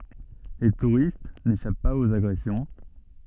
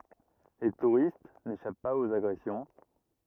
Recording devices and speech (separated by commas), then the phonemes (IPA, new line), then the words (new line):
soft in-ear microphone, rigid in-ear microphone, read sentence
le tuʁist neʃap paz oz aɡʁɛsjɔ̃
Les touristes n'échappent pas aux agressions.